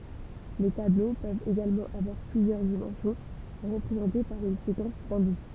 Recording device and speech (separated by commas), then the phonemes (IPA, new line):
temple vibration pickup, read sentence
le tablo pøvt eɡalmɑ̃ avwaʁ plyzjœʁ dimɑ̃sjɔ̃ ʁəpʁezɑ̃te paʁ yn sekɑ̃s dɛ̃dis